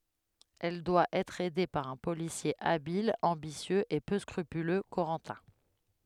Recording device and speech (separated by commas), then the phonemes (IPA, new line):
headset microphone, read sentence
ɛl dwa ɛtʁ ɛde paʁ œ̃ polisje abil ɑ̃bisjøz e pø skʁypylø koʁɑ̃tɛ̃